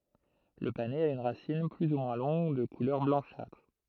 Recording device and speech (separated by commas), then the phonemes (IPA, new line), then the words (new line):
throat microphone, read sentence
lə panɛz a yn ʁasin ply u mwɛ̃ lɔ̃ɡ də kulœʁ blɑ̃ʃatʁ
Le panais a une racine plus ou moins longue, de couleur blanchâtre.